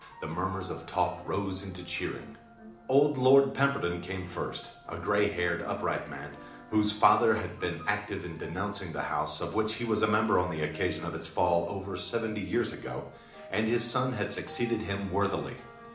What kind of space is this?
A moderately sized room (about 5.7 m by 4.0 m).